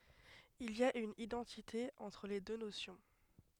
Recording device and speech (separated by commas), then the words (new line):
headset microphone, read sentence
Il y a une identité entre les deux notions.